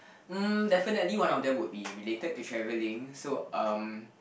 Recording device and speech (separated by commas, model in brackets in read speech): boundary microphone, conversation in the same room